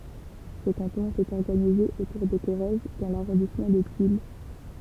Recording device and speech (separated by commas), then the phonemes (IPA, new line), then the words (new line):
temple vibration pickup, read sentence
sə kɑ̃tɔ̃ etɛt ɔʁɡanize otuʁ də koʁɛz dɑ̃ laʁɔ̃dismɑ̃ də tyl
Ce canton était organisé autour de Corrèze dans l'arrondissement de Tulle.